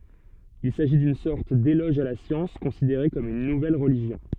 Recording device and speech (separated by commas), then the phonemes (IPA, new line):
soft in-ear microphone, read sentence
il saʒi dyn sɔʁt delɔʒ a la sjɑ̃s kɔ̃sideʁe kɔm yn nuvɛl ʁəliʒjɔ̃